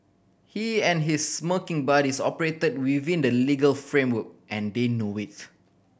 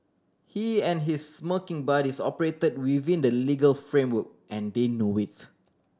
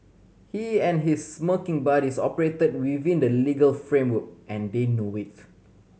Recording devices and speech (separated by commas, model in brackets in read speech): boundary microphone (BM630), standing microphone (AKG C214), mobile phone (Samsung C7100), read sentence